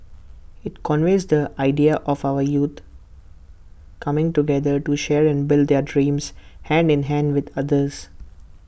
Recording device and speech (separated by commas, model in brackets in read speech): boundary microphone (BM630), read sentence